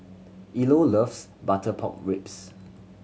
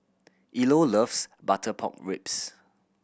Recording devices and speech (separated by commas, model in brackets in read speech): mobile phone (Samsung C7100), boundary microphone (BM630), read sentence